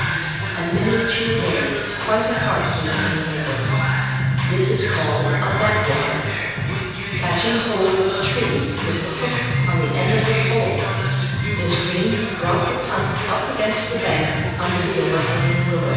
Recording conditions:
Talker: one person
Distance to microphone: 7.1 m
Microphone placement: far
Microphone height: 1.7 m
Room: very reverberant, large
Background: music

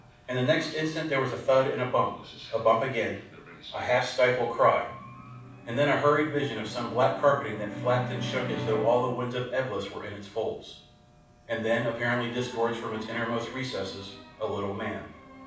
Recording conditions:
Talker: one person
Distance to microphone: 5.8 m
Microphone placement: far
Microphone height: 1.8 m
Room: medium-sized (5.7 m by 4.0 m)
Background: television

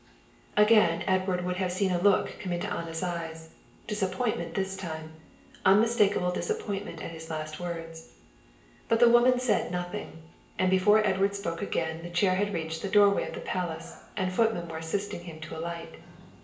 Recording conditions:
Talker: one person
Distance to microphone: 1.8 m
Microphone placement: close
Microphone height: 1.0 m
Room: large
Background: television

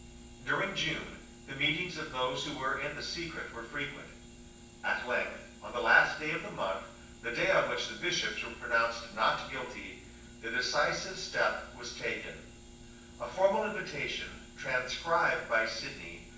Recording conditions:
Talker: one person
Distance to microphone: 9.8 m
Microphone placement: far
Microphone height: 1.8 m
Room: large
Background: none

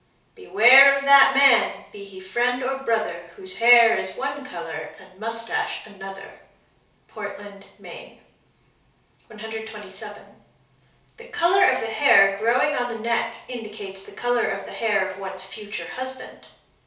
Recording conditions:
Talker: one person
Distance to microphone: 3.0 m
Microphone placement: far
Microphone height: 1.8 m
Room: small (3.7 m by 2.7 m)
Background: none

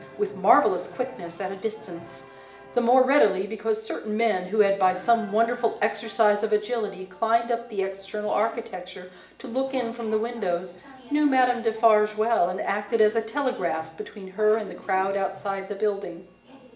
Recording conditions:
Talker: one person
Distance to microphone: 1.8 m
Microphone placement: close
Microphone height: 1.0 m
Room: large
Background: television

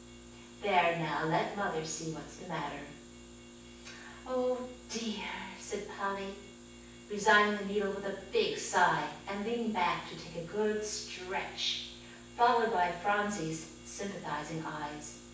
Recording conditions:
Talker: one person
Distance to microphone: 9.8 m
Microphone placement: far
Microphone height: 1.8 m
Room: large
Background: none

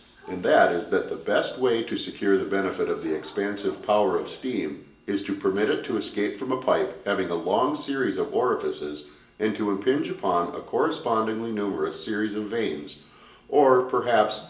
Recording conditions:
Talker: one person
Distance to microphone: 1.8 m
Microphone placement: close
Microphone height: 1.0 m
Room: large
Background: television

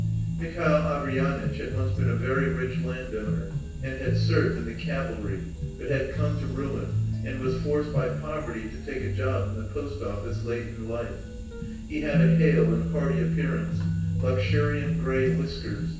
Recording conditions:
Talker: one person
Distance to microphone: 9.8 m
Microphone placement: far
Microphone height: 1.8 m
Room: large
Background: music

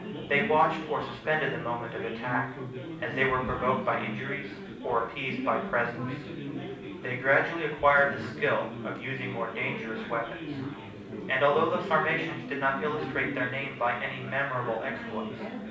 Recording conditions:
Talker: one person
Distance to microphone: 5.8 m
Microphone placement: far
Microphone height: 1.8 m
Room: medium-sized (5.7 m by 4.0 m)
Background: babble

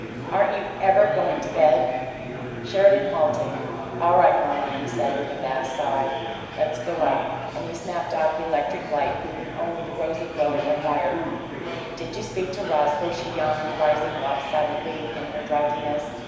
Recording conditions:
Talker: one person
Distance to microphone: 1.7 m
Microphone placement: close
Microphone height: 1.0 m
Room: very reverberant, large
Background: babble

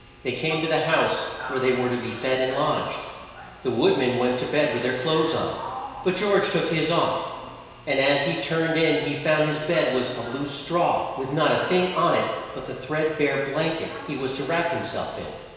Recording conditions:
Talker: one person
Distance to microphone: 1.7 m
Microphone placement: close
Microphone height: 1.0 m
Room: very reverberant, large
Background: television

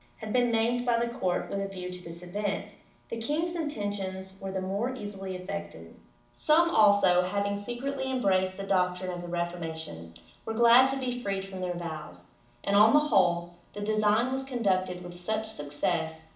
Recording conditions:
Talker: one person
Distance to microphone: 2.0 m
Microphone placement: close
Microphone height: 99 cm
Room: medium-sized (5.7 m by 4.0 m)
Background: none

